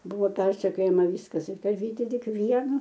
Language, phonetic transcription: Lithuanian, ˈbuvo ˈpersekiojama ˈvyskas ir ˈta aˈvyti ˈtik ˈvienu

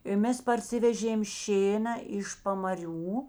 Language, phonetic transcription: Lithuanian, i ˈmes parˈsivežėm ˈšėna iš pamaˈrių

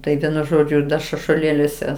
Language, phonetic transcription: Lithuanian, tai ˈvienu ˈžodžiu da šašuoˈlėliuose

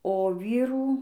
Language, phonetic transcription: Lithuanian, o ˈvyrų

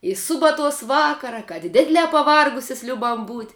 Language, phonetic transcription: Lithuanian, i ˈsubaˌtuos ˈvakara kad ˈdidliā paˈvargusias ˈliubam būt'

